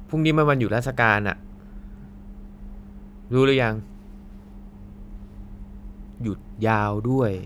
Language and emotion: Thai, frustrated